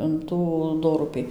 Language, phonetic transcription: Lithuanian, in ˈtų ˈdorupį

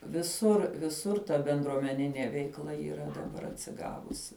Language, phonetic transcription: Lithuanian, viˈsur viˈsur ta bendruomeˈninė veikˈla yˈra daˈbar atsiˈgavusi

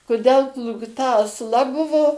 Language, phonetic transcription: Lithuanian, kuˈdel plūkˈta asˈla ˈbuvo

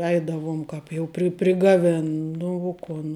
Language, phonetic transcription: Lithuanian, ˈeidavum ˈkāp jau pri prigaˈvin ˈnu u ˈkun

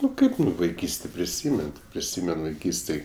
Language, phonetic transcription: Lithuanian, ˈnu ˈkaip vaiˈkystė priˈsymen ti priˈsymen vaiˈkystėj

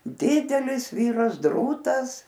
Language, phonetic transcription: Lithuanian, ˈdidelis ˈvyras ˈdrūtas

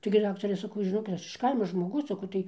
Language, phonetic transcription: Lithuanian, taigi ˈdaktare saˈkau žiˈnokit ˈaš ˈkaimo žmoˈgus saˈkau tai

